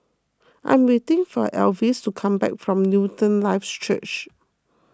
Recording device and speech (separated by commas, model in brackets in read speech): close-talking microphone (WH20), read sentence